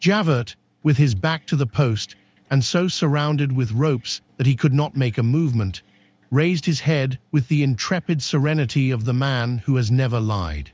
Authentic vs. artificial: artificial